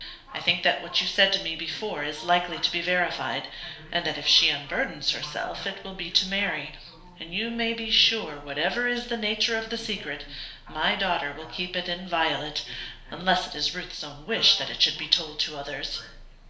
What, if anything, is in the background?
A television.